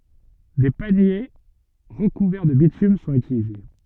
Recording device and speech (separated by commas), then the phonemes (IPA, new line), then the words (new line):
soft in-ear microphone, read sentence
de panje ʁəkuvɛʁ də bitym sɔ̃t ytilize
Des paniers recouverts de bitume sont utilisés.